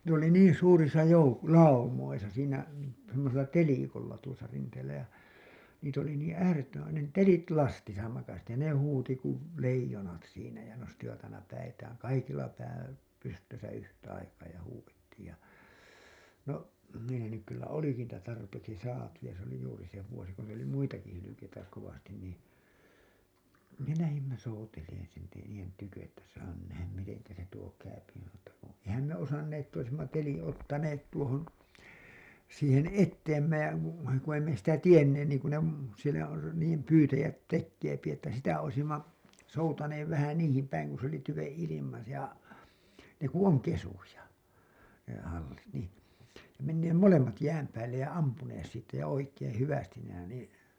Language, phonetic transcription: Finnish, ne ‿oli "niin̬ suurisa jouk- , "laumoisa , siinä , semmosella "telikolla tuosa 'rinteellä ja , niit ‿oli niiḭ "äärettömän̬ , ne "telit 'lastisa makas ja ne 'huuti kuv , 'leijonat siinä ja nostivat aina päitääŋ 'kaikilla pää , pystösä yhtä aikaa ja huuwettiij ja , no , (mehän) nyk kyllä 'oliki niitä tarpeeksi 'saatu ja se ‿oli juuri se vuosi ku meill ‿oli 'muitaki hylykeitä kovastin nii , me 'lähimmä souteleen silti niijen tykö’ ’että saa nyn nähäm 'miteŋkä se 'tuo käypi (mutta) kun̬ , "eihäm me 'osannee ‿tt ‿oisimma 'teliḭ 'ottaneet tuohon , siihen "etteemmä ja , ku ei me sitä "tienneen niiŋku ne m- , sielä , r- , niijem "pyytäjät 'tekkeepi että sitä oisimma , soutaneev vähä 'niihim päiŋ ku s ‿oli 'tyveḛ 'ilima ja , ne ku "oŋ 'kesuja , ne hallit nì , ja menneem "molemmat 'jääm päällej ja 'ampunees siittä ja oik̀een "hyvästin nähä-[neet] nii .
- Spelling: ne oli niin suurissa - laumoissa siinä semmoisella telikolla tuossa rinteellä ja niitä oli niin äärettömän ne telit lastissa makasi ja ne huusi kuin leijonat siinä ja nostivat aina päitään kaikilla pää pystyssä yhtä aikaa ja huudettiin ja no mehän nyt kyllä olikin niitä tarpeeksi saatu ja se oli juuri se vuosi kun meillä oli muitakin hylkeitä kovasti niin me lähdimme soutelemaan silti niiden tykö että saa nyt nähdään miten se tuo käy mutta kun eihän me osanneet että olisimme teliä ottaneet tuohon siihen eteemme ja kun ei me sitä tiedetty niin kuin ne - siellä - niiden pyytäjät tekee että sitä olisimme soutaneet vähän niihin päin kun se oli tyven ilma ja ne kun on kesyjä ne hallit niin ja menneet molemmat jään päälle ja ampuneet siitä ja oikein hyvästi nähneet niin

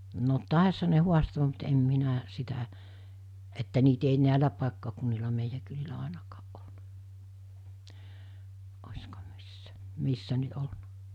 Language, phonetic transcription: Finnish, no 'tàisha ne 'huastoo(m) mut em 'minä , 'sitä , että niit ‿ei 'nä̀elä pàekkakunnila 'meijä kylillä 'àenakaaˀ ˀolna , (ośko missä,) 'missä nyt 'olnᴀ .
- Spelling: no taisihan ne haastaa mutta en minä sitä että niitä ei näillä paikkakunnilla meidän kylillä ainakaan ollut olisiko missä missä nyt ollut

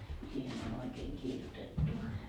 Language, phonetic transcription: Finnish, siihen ‿on ‿oikeeŋ 'kirjutettu .
- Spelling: siihen on oikein kirjoitettu

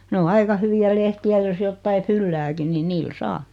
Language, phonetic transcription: Finnish, 'ne o "aika hyvi₍ä 'lehti₍ä jos 'jottai "fyllääkin ni "niil "saa .
- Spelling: ne on aika hyviä lehtiä jos jotakin fyllääkin niin niillä saa

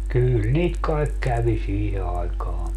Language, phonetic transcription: Finnish, 'kyyl "niit kaek 'kävi "siihe aikaa .
- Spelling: kyllä niitä kai kävi siihen aikaan

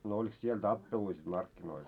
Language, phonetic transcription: Finnish, no olik 'siel "tappelui sit 'markkinoil ?
- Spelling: no oliko siellä tappeluita sitten markkinoilla

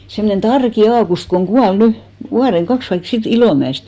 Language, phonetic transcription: Finnish, semnen "Tarki 'Aakust koŋ 'ɢual "ny , 'vuareŋ 'kaks (taik) sii't ‿Ilòmä₍est .
- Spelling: semmoinen Tarkin Aukusti kun kuoli nyt vuoden kaksi tai siitä Ilomäestä

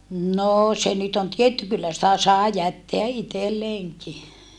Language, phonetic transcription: Finnish, noo se nyt ‿on tietty kyllä sⁱtä sàe jätteä ʼitelleeŋki .
- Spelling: no se nyt on tietty kyllä sitä sai jättää itselleenkin

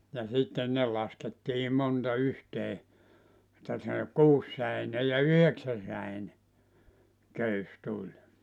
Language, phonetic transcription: Finnish, ja sitten , 'ne laskettii 'monta 'yhtee , (et)tä se "kuussäine ja "yheksäsäine , 'köys 'tuĺ .
- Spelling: ja sitten ne laskettiin monta yhteen että se kuusisäinen ja yhdeksänsäinen köysi tuli

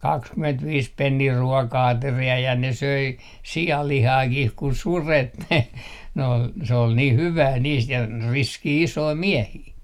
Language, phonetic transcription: Finnish, 'kakskymentviis pennii 'ruɔka₍ateri₍a ja ne 'söi , "si₍allihaakih ku "suret ne , n ‿ol , se ol niih 'hyvää 'niist ja , "riskii 'isoi "miehii .
- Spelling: kaksikymmentäviisi penniä ruoka-ateria ja ne söi sianlihaakin kun sudet ne ne oli se oli niin hyvää niistä ja riskejä isoja miehiä

